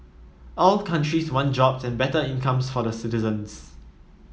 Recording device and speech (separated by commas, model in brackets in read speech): mobile phone (iPhone 7), read sentence